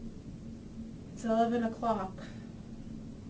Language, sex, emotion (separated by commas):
English, female, sad